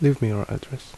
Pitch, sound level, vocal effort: 130 Hz, 71 dB SPL, soft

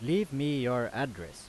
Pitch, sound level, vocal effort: 125 Hz, 90 dB SPL, very loud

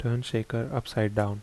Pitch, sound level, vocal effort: 115 Hz, 74 dB SPL, soft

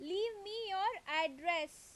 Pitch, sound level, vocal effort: 350 Hz, 92 dB SPL, very loud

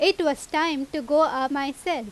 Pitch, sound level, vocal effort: 295 Hz, 90 dB SPL, very loud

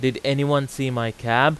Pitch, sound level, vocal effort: 135 Hz, 91 dB SPL, very loud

